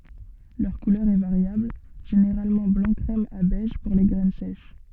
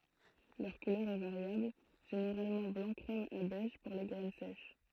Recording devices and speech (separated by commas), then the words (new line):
soft in-ear microphone, throat microphone, read sentence
Leur couleur est variable, généralement blanc crème à beige pour les graines sèches.